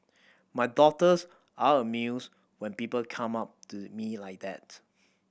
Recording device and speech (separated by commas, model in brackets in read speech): boundary microphone (BM630), read sentence